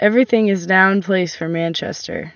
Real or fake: real